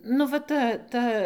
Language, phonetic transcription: Lithuanian, nu ˈva ˈta ˈta

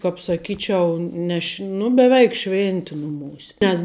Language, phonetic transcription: Lithuanian, kap saˈkyčiau ˈne š' nu beˈveik ˈšvinti nuˈmūse nes

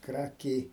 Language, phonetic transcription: Lithuanian, ˈkrakiai

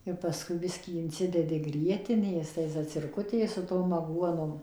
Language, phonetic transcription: Lithuanian, ir paˈskui ˈbiskį inˈcidedi ˈgrietinės tai zacirˈkutė su ˈtom aˈguonom

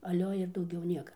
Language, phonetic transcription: Lithuanian, aˈlio ir dauˈgiau ˈnieka

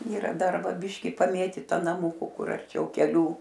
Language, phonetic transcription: Lithuanian, yˈra ˈdar ˈva ˈbiški paˈmėtyta naˈmuku ˈkur arˈčiau keˈlių

